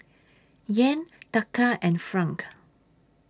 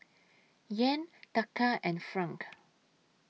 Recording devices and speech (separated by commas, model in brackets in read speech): standing microphone (AKG C214), mobile phone (iPhone 6), read sentence